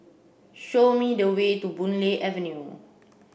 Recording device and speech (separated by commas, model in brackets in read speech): boundary microphone (BM630), read sentence